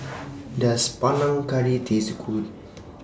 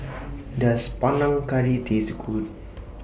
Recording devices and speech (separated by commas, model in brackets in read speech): standing microphone (AKG C214), boundary microphone (BM630), read sentence